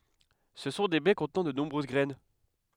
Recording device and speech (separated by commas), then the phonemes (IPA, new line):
headset microphone, read sentence
sə sɔ̃ de bɛ kɔ̃tnɑ̃ də nɔ̃bʁøz ɡʁɛn